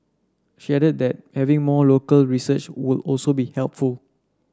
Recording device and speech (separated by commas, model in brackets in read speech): standing microphone (AKG C214), read sentence